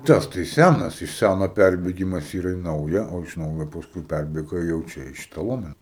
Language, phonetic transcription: Lithuanian, ˈtas tai ˈsænas iš ˈsæno ˈpærbėgimas ˈyra i ˈnauja o iš ˈnaujo pasˈkui ˈpærbėga jau ˈčia i ˈšita ˈlomena

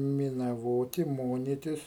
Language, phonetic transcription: Lithuanian, minaˈvoti ˈmonitis

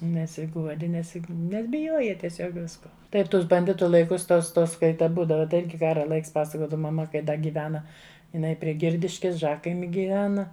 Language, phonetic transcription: Lithuanian, nesiˈguodi ˈnes ˈnes biˈjuoja tieˈsiog ˈvisko ˈtai ˈtus banˈditu laiˈkus ˈtos ˈtos ˈkai ta ˈbūdava tai ˈirgi ˈkara ˈlaiks ˈpasakodava maˈma kai ˈda gyˈvena iˈnai prie ˈgirdiškis ˈžakaimi gyˈvena

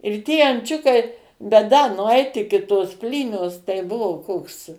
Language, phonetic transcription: Lithuanian, ir ˈtie anˈčiukai bet da nuˈait ˈiki tos ˈplynios tai ˈbuvo ˈkoks

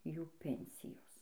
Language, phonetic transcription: Lithuanian, ˈjų ˈpensijos

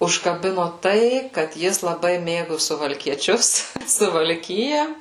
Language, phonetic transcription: Lithuanian, užkaˈbino ˈtai kad ˈjis laˈbai ˈmėgu suvalkieˈčius suvalˈkija

